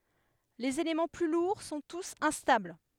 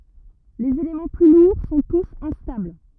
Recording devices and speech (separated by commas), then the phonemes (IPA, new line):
headset microphone, rigid in-ear microphone, read sentence
lez elemɑ̃ ply luʁ sɔ̃ tus ɛ̃stabl